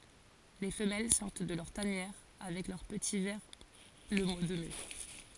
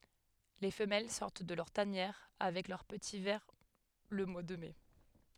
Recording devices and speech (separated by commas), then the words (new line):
forehead accelerometer, headset microphone, read sentence
Les femelles sortent de leur tanière avec leurs petits vers le mois de mai.